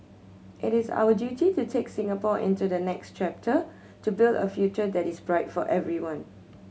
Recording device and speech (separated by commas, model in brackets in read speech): mobile phone (Samsung C7100), read sentence